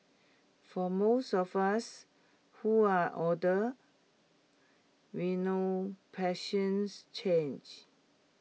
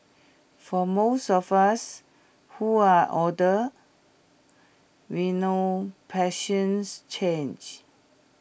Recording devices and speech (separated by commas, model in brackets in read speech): mobile phone (iPhone 6), boundary microphone (BM630), read sentence